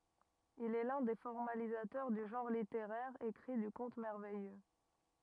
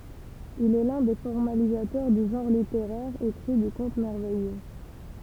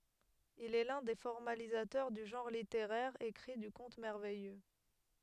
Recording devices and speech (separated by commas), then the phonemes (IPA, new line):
rigid in-ear microphone, temple vibration pickup, headset microphone, read sentence
il ɛ lœ̃ de fɔʁmalizatœʁ dy ʒɑ̃ʁ liteʁɛʁ ekʁi dy kɔ̃t mɛʁvɛjø